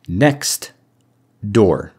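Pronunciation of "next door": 'Next door' is said in its direct pronunciation, as two separate words with no sound removed, not run together as one word.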